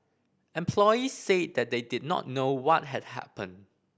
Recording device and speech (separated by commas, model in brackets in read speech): boundary microphone (BM630), read sentence